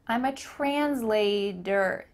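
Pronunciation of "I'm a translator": In 'translator', the t in the middle of the word changes to a d sound.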